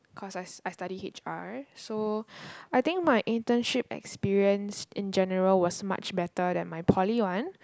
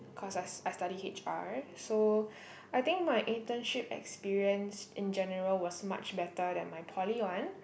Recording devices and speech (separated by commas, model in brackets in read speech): close-talking microphone, boundary microphone, conversation in the same room